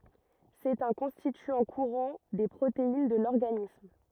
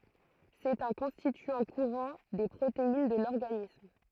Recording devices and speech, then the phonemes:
rigid in-ear microphone, throat microphone, read sentence
sɛt œ̃ kɔ̃stityɑ̃ kuʁɑ̃ de pʁotein də lɔʁɡanism

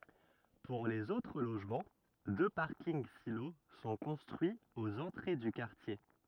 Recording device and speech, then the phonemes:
rigid in-ear microphone, read sentence
puʁ lez otʁ loʒmɑ̃ dø paʁkinɡ silo sɔ̃ kɔ̃stʁyiz oz ɑ̃tʁe dy kaʁtje

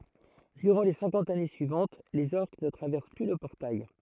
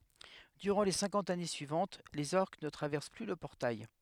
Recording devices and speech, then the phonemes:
throat microphone, headset microphone, read sentence
dyʁɑ̃ le sɛ̃kɑ̃t ane syivɑ̃t lez ɔʁk nə tʁavɛʁs ply lə pɔʁtaj

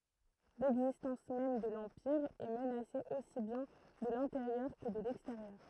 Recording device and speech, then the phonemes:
throat microphone, read sentence
lɛɡzistɑ̃s mɛm də lɑ̃piʁ ɛ mənase osi bjɛ̃ də lɛ̃teʁjœʁ kə də lɛksteʁjœʁ

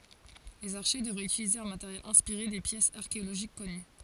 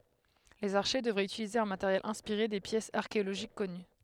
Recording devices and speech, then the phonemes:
forehead accelerometer, headset microphone, read sentence
lez aʁʃe dəvʁɛt ytilize œ̃ mateʁjɛl ɛ̃spiʁe de pjɛsz aʁkeoloʒik kɔny

